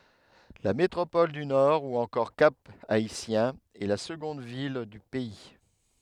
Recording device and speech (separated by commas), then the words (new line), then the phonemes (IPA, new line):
headset microphone, read sentence
La métropole du Nord ou encore Cap-Haïtien est la seconde ville du pays.
la metʁopɔl dy nɔʁ u ɑ̃kɔʁ kap aitjɛ̃ ɛ la səɡɔ̃d vil dy pɛi